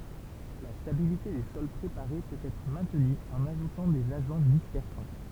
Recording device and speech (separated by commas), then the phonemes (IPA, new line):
temple vibration pickup, read sentence
la stabilite de sɔl pʁepaʁe pøt ɛtʁ mɛ̃tny ɑ̃n aʒutɑ̃ dez aʒɑ̃ dispɛʁsɑ̃